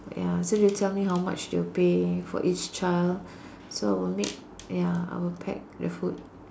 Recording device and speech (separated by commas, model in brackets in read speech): standing microphone, conversation in separate rooms